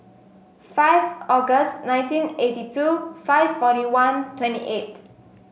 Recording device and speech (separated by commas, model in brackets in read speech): mobile phone (Samsung S8), read sentence